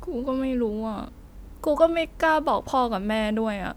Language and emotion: Thai, sad